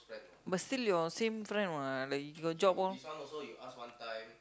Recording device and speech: close-talking microphone, conversation in the same room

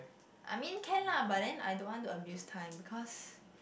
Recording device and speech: boundary microphone, conversation in the same room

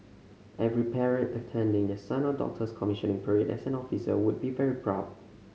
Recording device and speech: mobile phone (Samsung C5010), read sentence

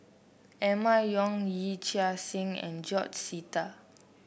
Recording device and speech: boundary microphone (BM630), read sentence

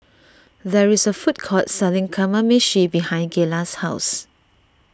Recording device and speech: standing microphone (AKG C214), read sentence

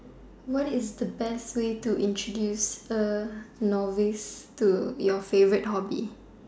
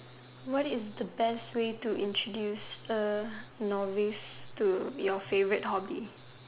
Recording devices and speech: standing microphone, telephone, conversation in separate rooms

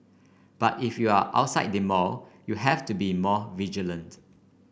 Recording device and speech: boundary microphone (BM630), read sentence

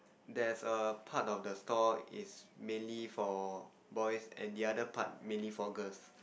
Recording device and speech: boundary microphone, conversation in the same room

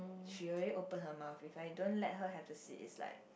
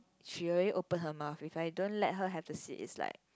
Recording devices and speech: boundary microphone, close-talking microphone, conversation in the same room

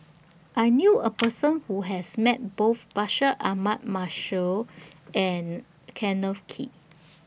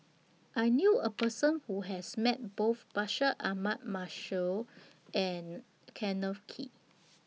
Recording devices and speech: boundary microphone (BM630), mobile phone (iPhone 6), read sentence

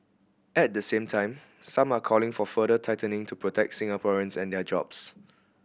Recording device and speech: boundary microphone (BM630), read sentence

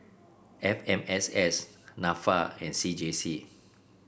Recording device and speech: boundary microphone (BM630), read sentence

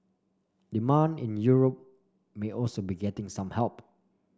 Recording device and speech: standing microphone (AKG C214), read sentence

